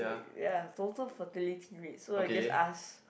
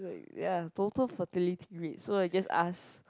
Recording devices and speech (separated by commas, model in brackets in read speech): boundary microphone, close-talking microphone, conversation in the same room